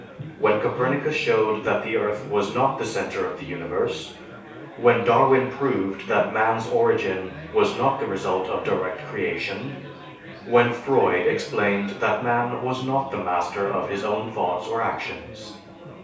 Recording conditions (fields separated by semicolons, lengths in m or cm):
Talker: one person; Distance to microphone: 3.0 m; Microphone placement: far; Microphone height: 1.8 m; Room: small (3.7 m by 2.7 m); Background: babble